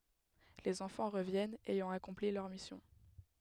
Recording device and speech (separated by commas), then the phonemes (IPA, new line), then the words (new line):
headset microphone, read sentence
lez ɑ̃fɑ̃ ʁəvjɛnt ɛjɑ̃ akɔ̃pli lœʁ misjɔ̃
Les enfants reviennent, ayant accompli leur mission.